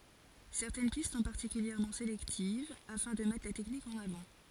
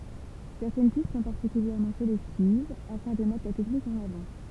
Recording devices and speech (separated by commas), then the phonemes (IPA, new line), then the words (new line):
forehead accelerometer, temple vibration pickup, read sentence
sɛʁtɛn pist sɔ̃ paʁtikyljɛʁmɑ̃ selɛktiv afɛ̃ də mɛtʁ la tɛknik ɑ̃n avɑ̃
Certaines pistes sont particulièrement sélectives afin de mettre la technique en avant.